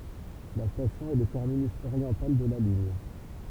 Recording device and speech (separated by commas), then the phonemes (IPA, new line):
temple vibration pickup, read sentence
la stasjɔ̃ ɛ lə tɛʁminys oʁjɑ̃tal də la liɲ